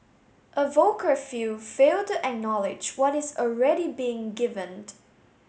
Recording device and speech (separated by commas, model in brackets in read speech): mobile phone (Samsung S8), read sentence